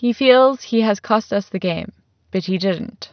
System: none